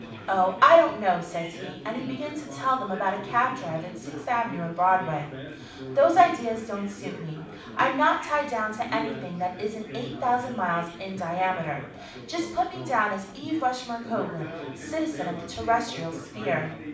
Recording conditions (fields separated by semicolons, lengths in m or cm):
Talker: one person; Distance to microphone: 5.8 m; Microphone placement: far; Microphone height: 1.8 m; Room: medium-sized (5.7 m by 4.0 m); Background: babble